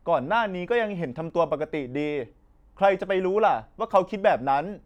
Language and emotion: Thai, frustrated